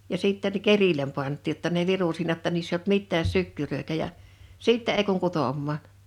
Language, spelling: Finnish, ja sitten kerille pantiin jotta ne virui siinä jotta niissä ei ollut mitään sykkyröitä ja sitten ei kun kutomaan
- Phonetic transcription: ja 'sitten̳ "kerilem pant̆tiij jotta ne 'viru siinä ‿tta niiss ‿eiʲ ‿olt "mittääs̆ "sykkyrö̀itä ja , "sìttɛ ei kuŋ 'kutòmmaan̬ .

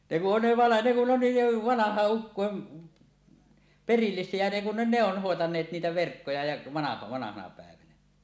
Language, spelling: Finnish, ne kun on - ne kun on niin jo vanhojen ukkojen perillisiä ja ne kun ne ne on hoitaneet niitä verkkoja ja - vanhana päivänä
- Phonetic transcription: ne ku 'ov vana- , ne kun 'on 'niij jo "vanahàe’ '’ukkòem , "perillis̀ie ja ne kun ne "ne ‿on̳ 'hòetaǹeet niitä 'verkkoja ja , vana- vanahana pä̀evänä .

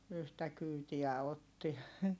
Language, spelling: Finnish, yhtä kyytiä otti
- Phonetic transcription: yhtä kyytiä otti .

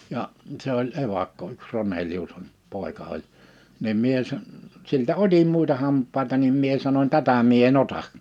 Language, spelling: Finnish, ja se oli evakko yksi Ronelius on poika oli niin minä - siltä otin muita hampaita niin minä sanoin tätä minä en ota
- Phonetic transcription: ja’ , se ‿oĺ '’evakko yks 'Ronelius (on) , 'pòi̬ka oĺ , nim 'mie san- , siltä "oDim múita 'hamp̆paita nim 'mie sanoń » "tätä mie e"n ‿ota' « .

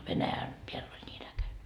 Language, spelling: Finnish, Venäjän päälle oli niin äkäinen
- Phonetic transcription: 'Venäjän , peäll ‿oĺ ńii'n ‿äkäne .

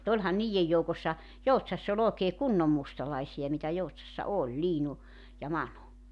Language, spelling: Finnish, mutta olihan niiden joukossa Joutsassa oli oikein kunnon mustalaisia mitä Joutsassa oli Liinu ja Manu
- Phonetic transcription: [mu]'t ‿oĺhan 'niijej joukossa , 'Joutsass ‿o'ĺ ‿ookee "kunnom 'mustalaisi₍a mitä 'Joutsassa "oĺ 'Liinu , ja 'Manu .

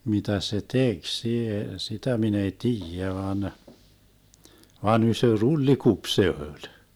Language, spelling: Finnish, mitä se teki - sitä minä ei tiedä vaan vaan iso trullikupi se oli
- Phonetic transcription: 'mitä se "tek sie- , 'sitä 'min ‿ei "tiijä van , 'van 'ysö "rullikup 'se öĺ .

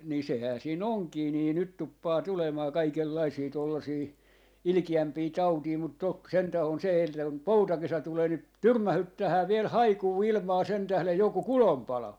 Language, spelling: Finnish, niin sehän siinä onkin niin nyt tuppaa tulemaan kaikenlaisia tuollaisia ilkeämpiä tauteja mutta toki sentään on se eltä kun poutakesä tulee niin tyrmähdyttää vielä haikua ilmaan sen tähden joku kulonpalo
- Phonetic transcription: ni 'sehää sii'n ‿oŋkii nii 'nyt tuppaa "tulemaa 'kaikellaisii 'tuollasii , "ilⁱkijämpii "tautii mut 'tok 'sentä on se eltä kum "poutakesä 'tulee ni , "tyrmähyttähää 'viel "haikuu "ilmaa sen 'tählej 'joku "kulom'palo .

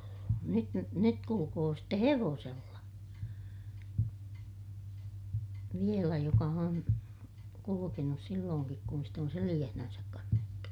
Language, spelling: Finnish, nyt - nyt kulkee sitten hevosella vielä joka on kulkenut silloinkin kun sitten on selässään kannettu
- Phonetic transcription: nyt ny- , nyt kulukoo ste hevoosella , vielä joka on , kulukenus sillooŋkik kun sit ‿on seliʲähnänsäk kannettu .

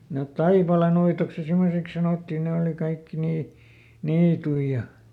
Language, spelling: Finnish, ne Taipaleenuitoksi ja semmoiseksi sanottiin ne oli kaikki niin niittyjä ja
- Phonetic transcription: net "Taipalenuitoks ja ˈsimmoseks sanòtti ˈnè òli ˈkaikki ˈnii , "niitui ja ,.

